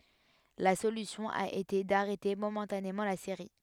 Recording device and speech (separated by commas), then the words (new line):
headset microphone, read sentence
La solution a été d'arrêter momentanément la série.